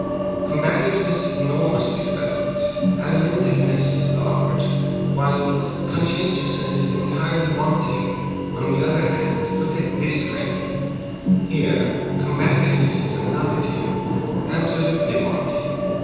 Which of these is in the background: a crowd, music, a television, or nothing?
A television.